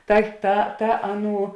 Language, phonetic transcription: Lithuanian, ˈta ta ta ˈaˌnų

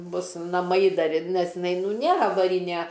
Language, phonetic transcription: Lithuanian, ˈbus naˈmai ˈdar ir ˈnes iˈnai ˈnu ˈnėr avaˈrine

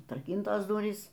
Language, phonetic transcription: Lithuanian, atraˈkyntos ˈdurys

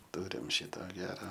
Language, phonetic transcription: Lithuanian, ˈturim ˈšito ˈgera

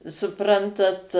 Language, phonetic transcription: Lithuanian, suˈprantat

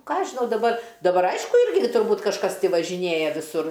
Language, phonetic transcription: Lithuanian, ˈkąˈaš žiˈnau daˈbar daˈbar ˈaišku ˈirgi turˈbūt kažˈkas ti važiˈnėja viˈsur

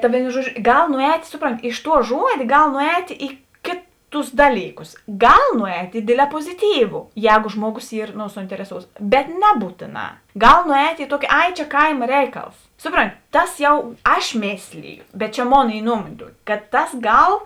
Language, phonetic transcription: Lithuanian, ta ˈvėino ˈžuoˌdžio ˈgal nuˈēt' ˈsuˌpronˌti iš tuo ˈžuodė ˈgal nuˈēt' i ˈkėˌtus ˈdalyˌkus ˈgal nuˈēt' i ˈdėdlē poziˌtyvu ˈjēgo ˈžmuoˌgos ˈyr no suintereˈsouts bet ˈnebūtėˌnā ˈgal nuˈēt' i ˈtuoki ˈai čia ˈkaima ˈreiˌkals ˈsuˌpronˌti ˈtas jau ˈaš ˈmėsliju bet čia ˈmon ˈy ˈnuomonė ˈtuoki kad ˈtas ˈgal

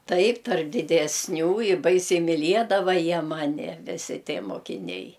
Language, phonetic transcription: Lithuanian, ˈtaip tarp didesˈnių i ˈbaisiai miˈliedava ˈjie ˈmani viˈsi ˈtie mokiˈniai

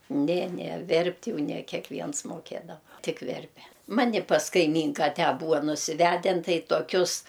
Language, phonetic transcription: Lithuanian, ˈne ˈne ˈverpt' ˈjau ne kekˈviens moˈkėdava ˈtik ˈverpe ˈmani pas kaiˈmynka ˈtę ˈbūa nusiˈvæden ˈtai toˈkius

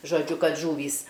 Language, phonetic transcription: Lithuanian, žoˈdžiu ˈkad ˈžūvįs

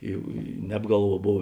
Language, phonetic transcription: Lithuanian, i i neb ˈgalˌvuo ˈbov

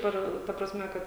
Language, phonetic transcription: Lithuanian, ˈar ta prasˈme ˈkad

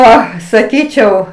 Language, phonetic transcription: Lithuanian, ˈo saˈkyčiau

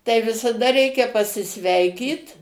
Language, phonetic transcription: Lithuanian, tai visaˈda ˈreikia pasiˈsveikyt

